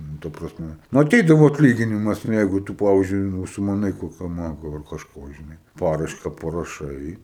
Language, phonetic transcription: Lithuanian, nu ˈta prasˈme nu aˈteidavo atˈlyginimas nu ˈjeigu tu ˈpavizdžiui užsimaˈnai ˈkokio ˈmago ar kažˈko žiˈnai ˈparaiška paraˈšai

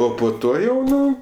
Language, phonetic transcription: Lithuanian, ˈo po ˈto jau ˈnu

